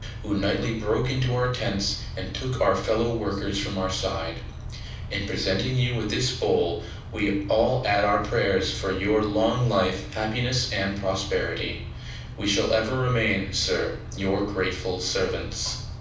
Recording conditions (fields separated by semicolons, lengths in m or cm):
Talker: one person; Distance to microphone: 5.8 m; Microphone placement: far; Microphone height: 1.8 m; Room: medium-sized (5.7 m by 4.0 m); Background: none